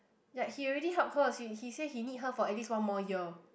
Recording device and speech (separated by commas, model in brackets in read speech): boundary microphone, conversation in the same room